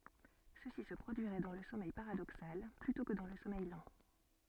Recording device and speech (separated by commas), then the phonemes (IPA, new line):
soft in-ear microphone, read sentence
səsi sə pʁodyiʁɛ dɑ̃ lə sɔmɛj paʁadoksal plytɔ̃ kə dɑ̃ lə sɔmɛj lɑ̃